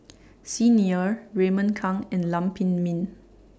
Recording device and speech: standing microphone (AKG C214), read sentence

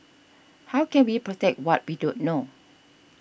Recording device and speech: boundary microphone (BM630), read sentence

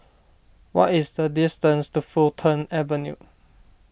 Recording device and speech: boundary microphone (BM630), read sentence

